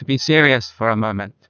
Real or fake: fake